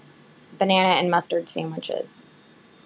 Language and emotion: English, neutral